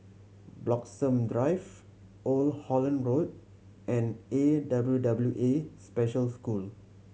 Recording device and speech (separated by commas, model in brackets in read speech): mobile phone (Samsung C7100), read sentence